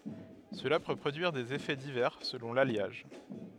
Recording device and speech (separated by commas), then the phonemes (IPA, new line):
headset microphone, read sentence
səla pø pʁodyiʁ dez efɛ divɛʁ səlɔ̃ laljaʒ